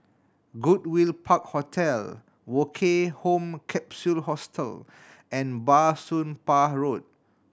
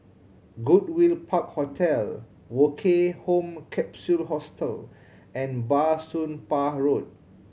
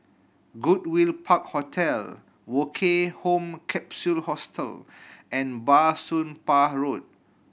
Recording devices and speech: standing microphone (AKG C214), mobile phone (Samsung C7100), boundary microphone (BM630), read sentence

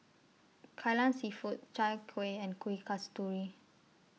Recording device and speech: mobile phone (iPhone 6), read sentence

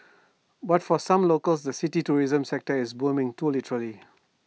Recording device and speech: mobile phone (iPhone 6), read sentence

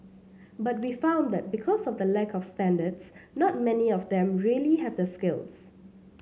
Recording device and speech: mobile phone (Samsung C7), read sentence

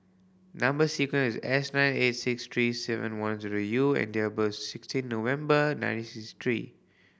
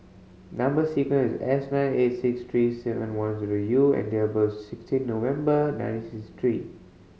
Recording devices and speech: boundary microphone (BM630), mobile phone (Samsung C5010), read sentence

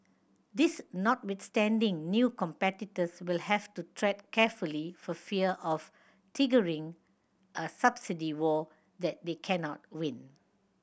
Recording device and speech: boundary microphone (BM630), read sentence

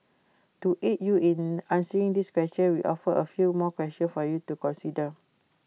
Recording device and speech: mobile phone (iPhone 6), read sentence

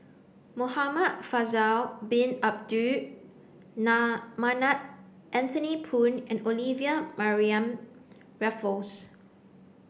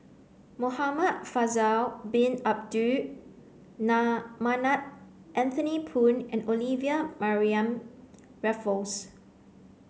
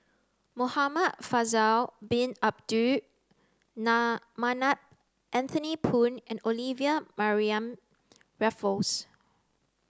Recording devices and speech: boundary microphone (BM630), mobile phone (Samsung C9), close-talking microphone (WH30), read sentence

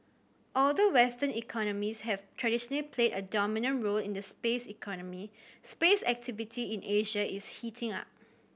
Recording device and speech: boundary microphone (BM630), read sentence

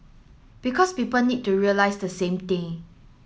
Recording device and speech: mobile phone (Samsung S8), read sentence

